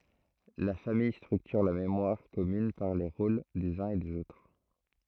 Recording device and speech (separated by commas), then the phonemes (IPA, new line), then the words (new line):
throat microphone, read sentence
la famij stʁyktyʁ la memwaʁ kɔmyn paʁ le ʁol dez œ̃z e dez otʁ
La famille structure la mémoire commune par les rôles des uns et des autres.